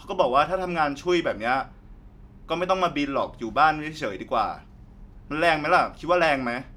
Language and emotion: Thai, frustrated